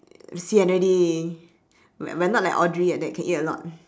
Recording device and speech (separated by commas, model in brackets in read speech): standing microphone, conversation in separate rooms